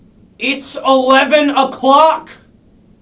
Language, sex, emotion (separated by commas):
English, male, angry